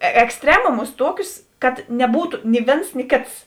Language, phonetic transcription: Lithuanian, eksˈtremumus ˈtuokius kad neˈbūtu ni ˈvėns ni ˈkėts

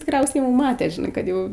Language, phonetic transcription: Lithuanian, tikˈriausiai jau ˈmate žiˈnai kad ˈjau

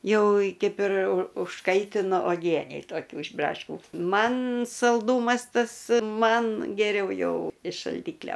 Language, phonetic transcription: Lithuanian, ˈjau ˈkaip ir u užˈkaitinu oˈgienei toˈkių iš ˈbraškių ˈman salˈdūmas ˈtas ˈman geˈriau ˈjau iš šalˈdyklio

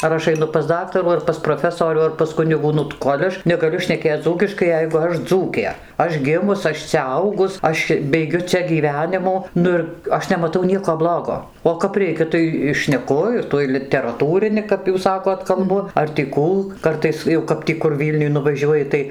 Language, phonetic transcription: Lithuanian, ar ˈaš aiˈnu pas ˈdaktarų ar pas proˈfesorių ar pas ˈkunigų ˈnu ta ˈkol' aš negaˈliu šneˈkėc dzūkiškai ˈjeigu ˈaš ˈdzūkė ˈaš ˈgimus ˈaš cia ˈaugus ˈaš beiˈgiu ˈcia gyˈvenimų ˈnu ir ˈaš nemaˈtau ˈnieko ˈblogo o kap ˈreikia ˈtai i šneˈku ir ˈtuoj literaˈtūrini kap ˈjūs ˈsakot kalˈbu ar tį ˈkų ˈkartais jau kap ˈtį kur ˈvylniuj nuvaˈžiuoji tai

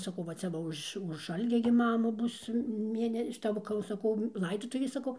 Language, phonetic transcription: Lithuanian, saˈkau va ˈcia va ˈuž už ˈalgia gi ˈmamu ˈbus ˈmėne šiˈta ˈva kai jau saˈkau ˈlaidotuvės saˈkau

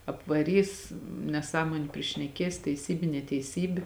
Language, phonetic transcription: Lithuanian, apvaˈrys neˈsąmoniu prišneˈkės teiˈsybi neteiˈsybi

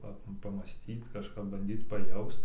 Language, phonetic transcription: Lithuanian, ˈpa pamąˈstyt kažˈkap banˈdyt paˈjaust

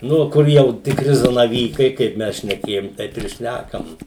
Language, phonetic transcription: Lithuanian, ˈnu ˈkur jau tikˈri zanaˈvykai ˈkaip ˈmes šneˈkėjom ˈtaip ir ˈšnækam

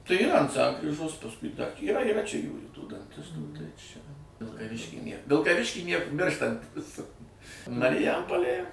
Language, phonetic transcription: Lithuanian, tai yˈra ant ˈsankryžos pasˈkui da yˈra yˈra čia ˈjųjų tų danˈtistų tai čia vilkaˈvišky ˈnėr vilkaˈvišky ˈniek ˈmirštantis mariˈjampolėj

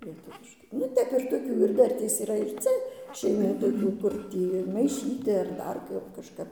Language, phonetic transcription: Lithuanian, lieˈtuviškai nu ˈtep ir toˈkių ir ˈdartės yˈra ir ˈcia šeiˈmų toˈkių kur ˈtį maiˈšyti ar ˈdar ˈkap kažˈkap

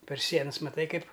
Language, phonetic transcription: Lithuanian, per ˈsienas maˈtai ˈkaip

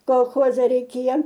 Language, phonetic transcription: Lithuanian, kolˈchoze reiˈkėja

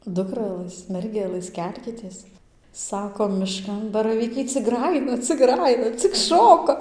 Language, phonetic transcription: Lithuanian, ˈdukralɘs ˈmergelɘs ˈkelkitės ˈsako miˈškan baraˈvykai cik ˈgrajina cik ˈgrajina cik ˈšoka

